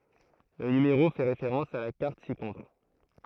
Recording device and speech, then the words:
throat microphone, read sentence
Le numéro fait référence à la carte ci-contre.

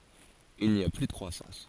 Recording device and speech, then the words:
forehead accelerometer, read sentence
Il n’y a plus de croissance.

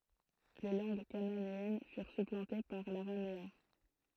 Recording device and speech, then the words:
throat microphone, read sentence
Les langues cananéennes furent supplantées par l'araméen.

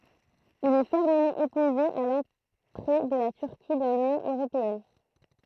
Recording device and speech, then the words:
throat microphone, read sentence
Il est fermement opposé à l'entrée de la Turquie dans l'Union européenne.

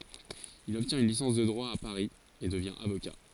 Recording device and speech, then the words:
forehead accelerometer, read sentence
Il obtient une licence de droit à Paris et devient avocat.

